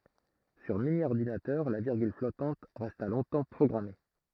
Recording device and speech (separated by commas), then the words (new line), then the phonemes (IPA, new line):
throat microphone, read sentence
Sur mini-ordinateur, la virgule flottante resta longtemps programmée.
syʁ minjɔʁdinatœʁ la viʁɡyl flɔtɑ̃t ʁɛsta lɔ̃tɑ̃ pʁɔɡʁame